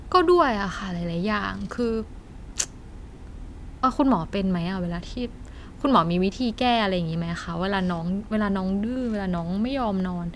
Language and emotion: Thai, frustrated